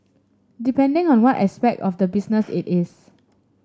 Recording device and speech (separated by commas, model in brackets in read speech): standing microphone (AKG C214), read sentence